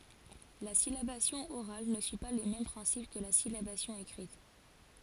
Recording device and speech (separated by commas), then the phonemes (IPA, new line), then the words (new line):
forehead accelerometer, read sentence
la silabasjɔ̃ oʁal nə syi pa le mɛm pʁɛ̃sip kə la silabasjɔ̃ ekʁit
La syllabation orale ne suit pas les mêmes principes que la syllabation écrite.